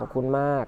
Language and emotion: Thai, neutral